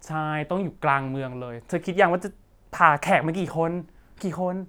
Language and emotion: Thai, happy